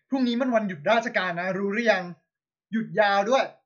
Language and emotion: Thai, angry